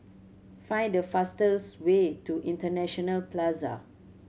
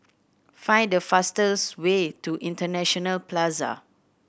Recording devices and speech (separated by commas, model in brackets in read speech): mobile phone (Samsung C7100), boundary microphone (BM630), read sentence